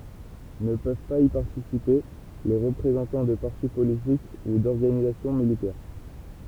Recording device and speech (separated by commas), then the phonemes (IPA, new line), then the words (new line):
temple vibration pickup, read sentence
nə pøv paz i paʁtisipe le ʁəpʁezɑ̃tɑ̃ də paʁti politik u dɔʁɡanizasjɔ̃ militɛʁ
Ne peuvent pas y participer les représentant de parti politique ou d'organisation militaire.